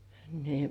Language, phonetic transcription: Finnish, ni .
- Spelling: niin

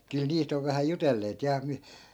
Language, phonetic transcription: Finnish, kyl 'niist ‿ov vähä 'jutelleet ja (mi-) ,.
- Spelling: kyllä niistä on vähän jutelleet ja -

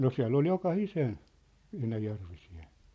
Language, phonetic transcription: Finnish, no 'siä̭ll ‿ol 'joka'hisen , 'enäjärvisi₍en̬ .
- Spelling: no siellä oli jokaisen enäjärvisen

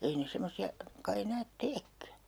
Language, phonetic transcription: Finnish, 'ei ne 'semmosi₍a , kai 'enäät "teekkä .
- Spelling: ei ne semmoisia kai enää teekään

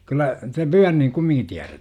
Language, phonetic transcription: Finnish, kyllä , te "Pyärniŋ 'kummiŋki tiärä - .
- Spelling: kyllä te Pyörnin kumminkin -

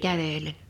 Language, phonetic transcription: Finnish, 'käveĺen .
- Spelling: kävellen

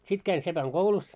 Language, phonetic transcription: Finnish, 'sit käin 'sepäŋ"ɢoulus .
- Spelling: sitten kävin sepänkoulussa

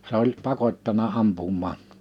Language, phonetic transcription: Finnish, 'se ‿oĺ 'pakot́tana 'ampummaa ,.
- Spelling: se oli pakottanut ampumaan

